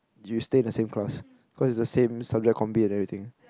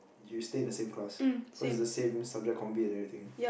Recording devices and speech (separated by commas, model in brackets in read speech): close-talking microphone, boundary microphone, conversation in the same room